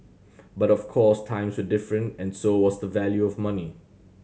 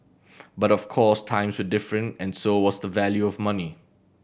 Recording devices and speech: mobile phone (Samsung C7100), boundary microphone (BM630), read sentence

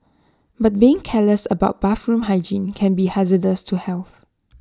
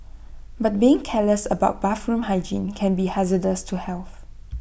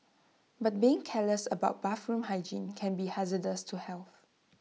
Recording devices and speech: standing microphone (AKG C214), boundary microphone (BM630), mobile phone (iPhone 6), read sentence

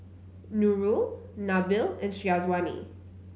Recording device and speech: mobile phone (Samsung C9), read sentence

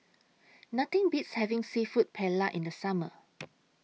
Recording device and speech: mobile phone (iPhone 6), read sentence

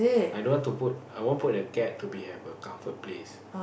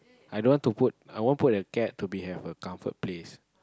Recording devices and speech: boundary microphone, close-talking microphone, conversation in the same room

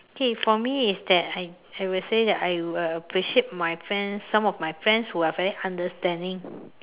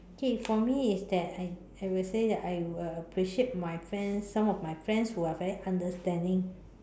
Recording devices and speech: telephone, standing microphone, conversation in separate rooms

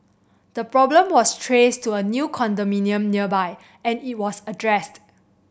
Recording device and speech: boundary microphone (BM630), read sentence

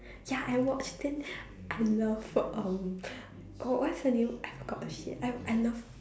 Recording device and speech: standing microphone, conversation in separate rooms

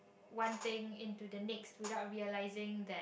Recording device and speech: boundary microphone, conversation in the same room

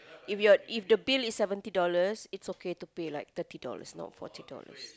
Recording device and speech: close-talking microphone, conversation in the same room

